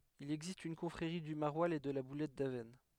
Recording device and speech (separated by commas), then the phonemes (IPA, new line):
headset microphone, read sentence
il ɛɡzist yn kɔ̃fʁeʁi dy maʁwalz e də la bulɛt davɛsn